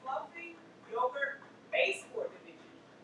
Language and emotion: English, neutral